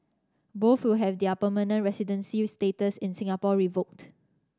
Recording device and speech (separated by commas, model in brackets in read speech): standing microphone (AKG C214), read sentence